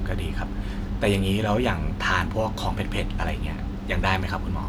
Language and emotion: Thai, neutral